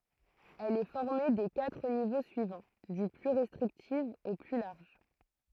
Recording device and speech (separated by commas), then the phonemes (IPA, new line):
throat microphone, read sentence
ɛl ɛ fɔʁme de katʁ nivo syivɑ̃ dy ply ʁɛstʁiktif o ply laʁʒ